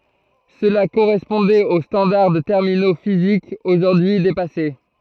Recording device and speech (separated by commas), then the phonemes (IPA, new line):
throat microphone, read sentence
səla koʁɛspɔ̃dɛt o stɑ̃daʁ də tɛʁmino fizikz oʒuʁdyi depase